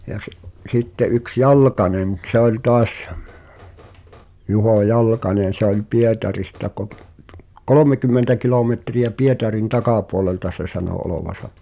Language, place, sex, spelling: Finnish, Pihtipudas, male, ja se sitten yksi Jalkanen mutta se oli taas Juho Jalkanen se oli Pietarista - kolmekymmentä kilometriä Pietarin takapuolelta se sanoi olevansa
- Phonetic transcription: ja se’ , 'sitte ’yks "Jal̳̀k̳anen [?mu]t ‿se ‿oĺ toas , 'Juho "Jalkane se ‿oĺ 'Pietarista kot- , "kolomekym̆mentä 'kilometri₍ä 'Pietarin "takàpuolelta se sano 'olovasa .

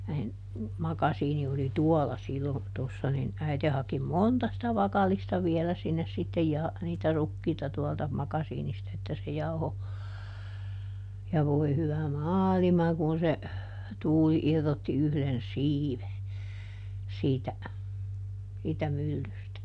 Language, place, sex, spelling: Finnish, Juupajoki, female, niin makasiini oli tuolla silloin tuossa niin äiti haki monta sitä vakallista vielä sinne sitten - niitä rukiita tuolta makasiinista että se jauhoi ja voi hyvä maailma kun se tuuli irrotti yhden siiven siitä siitä myllystä
- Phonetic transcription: nin , ˈmakasiini oli "tuɔla ˈsillon , tossa nin , ˈäite haki "monta sitä ˈvakal̆lista ˈviɛlä sinnes sittej ja- , niitä ˈrukkiita tuɔlta , ˈmakasiinista että se ˈjauho , ja ˈvoi̮ hyvä "maalima kun̬ se , ˈtuuli ˈirrotti ˈyhδen "siive , ˈsiitä , siitä ˈmyllystä .

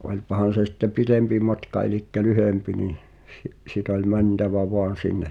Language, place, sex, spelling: Finnish, Pihtipudas, male, onpahan se sitten pitempi matka eli lyhempi niin - sitten oli mentävä vain sinne
- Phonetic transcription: oĺpahan̬ se sⁱtte "pitempi matka elikkä 'lyhempi nih , si’- sit ‿oĺ "mäntävä "voan̬ 'sinne ,.

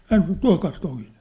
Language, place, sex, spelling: Finnish, Sippola, male, hän sanoi että tuokaas toinen
- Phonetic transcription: 'hän săⁿ̬ ‿ĕt » 'tua̭kaas 'toiɴᴇɴ ! «

